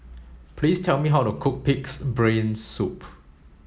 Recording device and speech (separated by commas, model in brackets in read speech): mobile phone (Samsung S8), read sentence